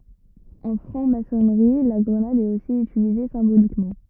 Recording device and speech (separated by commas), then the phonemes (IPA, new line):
rigid in-ear microphone, read sentence
ɑ̃ fʁɑ̃ masɔnʁi la ɡʁənad ɛt osi ytilize sɛ̃bolikmɑ̃